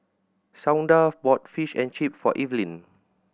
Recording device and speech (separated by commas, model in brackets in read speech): boundary microphone (BM630), read sentence